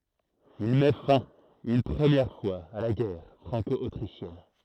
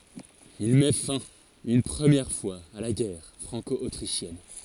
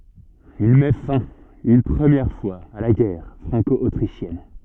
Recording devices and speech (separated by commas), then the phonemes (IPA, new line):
throat microphone, forehead accelerometer, soft in-ear microphone, read sentence
il mɛ fɛ̃ yn pʁəmjɛʁ fwaz a la ɡɛʁ fʁɑ̃kɔotʁiʃjɛn